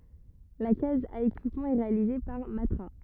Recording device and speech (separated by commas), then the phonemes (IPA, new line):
rigid in-ear microphone, read sentence
la kaz a ekipmɑ̃ ɛ ʁealize paʁ matʁa